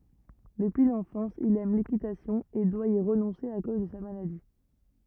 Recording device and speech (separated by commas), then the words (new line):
rigid in-ear microphone, read sentence
Depuis l’enfance, il aime l’équitation et doit y renoncer à cause de sa maladie.